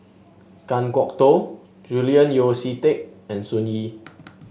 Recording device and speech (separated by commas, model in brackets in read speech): mobile phone (Samsung S8), read sentence